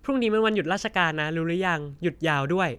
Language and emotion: Thai, neutral